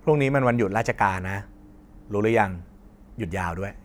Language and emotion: Thai, neutral